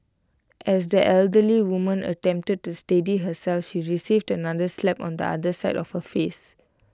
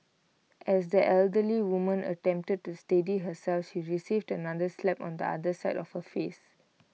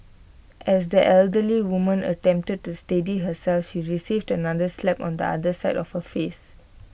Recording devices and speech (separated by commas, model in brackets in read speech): close-talking microphone (WH20), mobile phone (iPhone 6), boundary microphone (BM630), read sentence